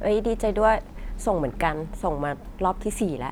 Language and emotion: Thai, neutral